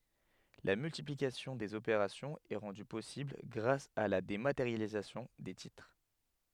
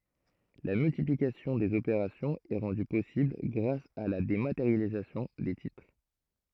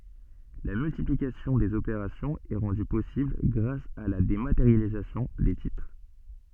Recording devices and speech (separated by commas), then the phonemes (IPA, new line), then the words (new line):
headset microphone, throat microphone, soft in-ear microphone, read sentence
la myltiplikasjɔ̃ dez opeʁasjɔ̃z ɛ ʁɑ̃dy pɔsibl ɡʁas a la demateʁjalizasjɔ̃ de titʁ
La multiplication des opérations est rendue possible grâce à la dématérialisation des titres.